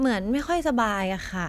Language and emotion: Thai, neutral